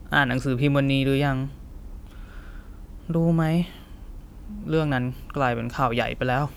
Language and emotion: Thai, frustrated